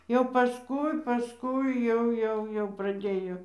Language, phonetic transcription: Lithuanian, jau paˈskui paˈskui ˈjau ˈjau jau praˈdėjo

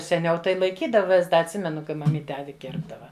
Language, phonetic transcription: Lithuanian, seˈniau tai laiˈkydava vis ˈda atˈsimenu kai maˈmyte ˈavi ˈkirpdava

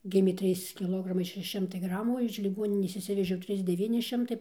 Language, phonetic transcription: Lithuanian, ˈgimė ˈtrys kiˈlogramai šeˈši ˈšimtai ˈgramų o iš liˈgoninės išˈsivežiau ˈtrys deˈvyni ˈšimtai

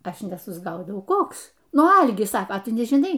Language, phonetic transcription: Lithuanian, ˈaš nesusˈgaudau ˈkoks ˈnu ˈalgis ˈsaka ˈtu nežiˈnai

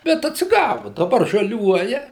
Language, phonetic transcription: Lithuanian, bet atsiˈgavu daˈbar žaˈliuoja

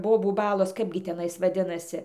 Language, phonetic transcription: Lithuanian, ˈbobų ˈbalos ˈkaipgi teˈnais vaˈdinasi

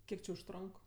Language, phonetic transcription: Lithuanian, ˈkiek či užˈtronk

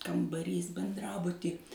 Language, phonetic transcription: Lithuanian, kambaˈrys benˈdrabuty

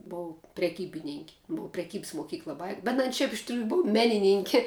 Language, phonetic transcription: Lithuanian, ˈbou preˈkybinink' bu preˈkybs moˈkykla ˈbai bet an ˈšiaip iš triū ˈbov ˈmenininki

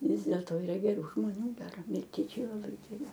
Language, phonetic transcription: Lithuanian, ˈvis dėlto yˈra geˈrų žmoˈnių ˈgera milˈtiečiai laˈbai geˈri

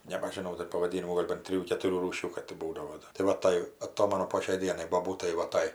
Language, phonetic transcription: Lithuanian, nebažiˈnau ˈdar pavaˈdynimų ˈgol' ban ˈtrijų ketuˈrių ˈrūšių ˈkad ti ˈbūdavo tai ˈva ˈtai aˈtomanu po šiai ˈdienai boˈbūtai va ˈtai

